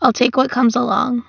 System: none